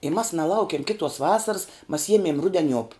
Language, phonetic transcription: Lithuanian, i mas naˈlaukiem ˈkitos ˈvasars mas ˈjiemėm ˈrudeˌniuop

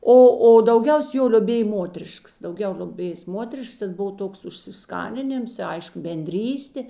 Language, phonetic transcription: Lithuanian, ˈo o dauˈgiaus jo lioˈbėj ˈmoteriškas dauˈgiau lioˈbėjės ˈmoterišks ten ˈbov ˈtoks užsiˈskaninims i ˈaišku benˈdrystė

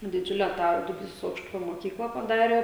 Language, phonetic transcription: Lithuanian, diˈdžiule tą duˈbysos ˈaukštupio moˈkykla paˈdarė

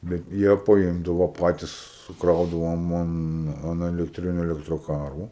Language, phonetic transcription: Lithuanian, bet ˈjie paˈimdavo ˈpatis suˈkraudavo ˈmum an elekˈtriniu elektroˈkaru

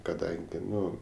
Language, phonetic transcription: Lithuanian, kaˈdangi ˈnu

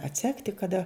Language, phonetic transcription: Lithuanian, atˈsekti kaˈda

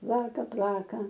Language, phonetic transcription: Lithuanian, ˈplaka ˈplaka

